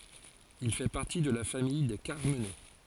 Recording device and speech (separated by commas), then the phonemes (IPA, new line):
forehead accelerometer, read sentence
il fɛ paʁti də la famij de kaʁmənɛ